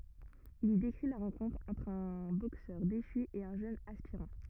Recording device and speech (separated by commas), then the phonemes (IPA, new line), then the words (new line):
rigid in-ear microphone, read sentence
il i dekʁi la ʁɑ̃kɔ̃tʁ ɑ̃tʁ œ̃ boksœʁ deʃy e œ̃ ʒøn aspiʁɑ̃
Il y décrit la rencontre entre un boxeur déchu et un jeune aspirant.